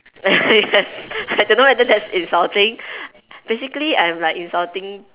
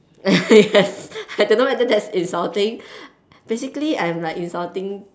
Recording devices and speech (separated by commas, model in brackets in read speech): telephone, standing microphone, conversation in separate rooms